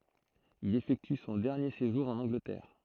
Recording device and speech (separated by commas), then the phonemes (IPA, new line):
throat microphone, read sentence
il efɛkty sɔ̃ dɛʁnje seʒuʁ ɑ̃n ɑ̃ɡlətɛʁ